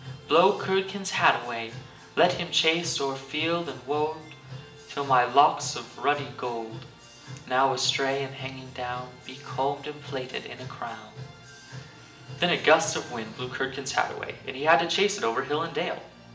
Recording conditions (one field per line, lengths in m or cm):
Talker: one person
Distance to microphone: 1.8 m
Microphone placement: close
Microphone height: 1.0 m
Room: large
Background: music